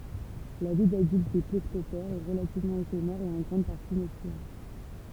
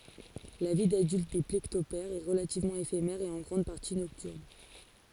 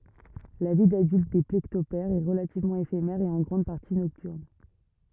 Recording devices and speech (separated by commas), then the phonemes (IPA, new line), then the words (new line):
temple vibration pickup, forehead accelerometer, rigid in-ear microphone, read sentence
la vi dadylt de plekɔptɛʁz ɛ ʁəlativmɑ̃ efemɛʁ e ɑ̃ ɡʁɑ̃d paʁti nɔktyʁn
La vie d'adulte des plécoptères est relativement éphémère et en grande partie nocturne.